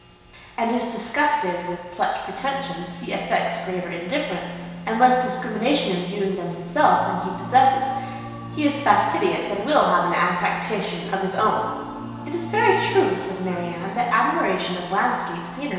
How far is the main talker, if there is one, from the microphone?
1.7 m.